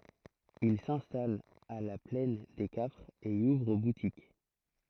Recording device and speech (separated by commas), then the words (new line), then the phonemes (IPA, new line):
throat microphone, read sentence
Ils s'installent à La Plaine des Cafres et y ouvrent boutique.
il sɛ̃stalt a la plɛn de kafʁz e i uvʁ butik